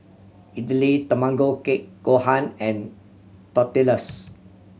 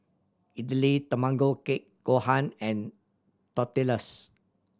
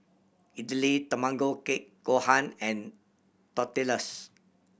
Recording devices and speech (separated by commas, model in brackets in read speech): mobile phone (Samsung C7100), standing microphone (AKG C214), boundary microphone (BM630), read sentence